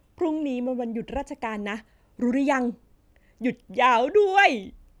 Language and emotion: Thai, happy